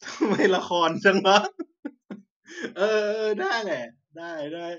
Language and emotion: Thai, happy